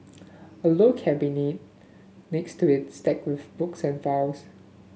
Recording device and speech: mobile phone (Samsung S8), read sentence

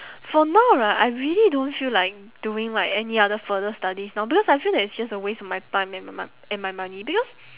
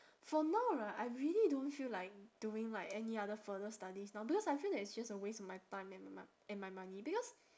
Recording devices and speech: telephone, standing microphone, conversation in separate rooms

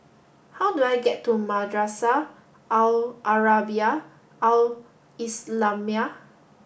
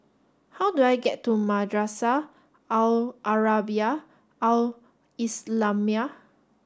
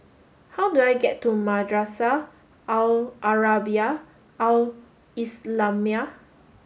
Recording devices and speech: boundary microphone (BM630), standing microphone (AKG C214), mobile phone (Samsung S8), read sentence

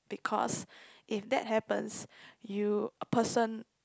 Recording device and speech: close-talking microphone, conversation in the same room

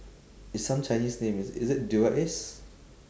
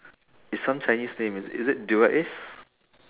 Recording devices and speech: standing microphone, telephone, conversation in separate rooms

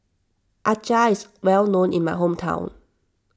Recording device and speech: standing microphone (AKG C214), read sentence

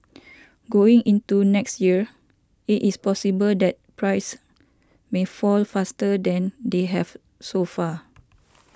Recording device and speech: standing microphone (AKG C214), read sentence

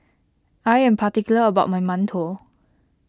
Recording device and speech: close-talking microphone (WH20), read sentence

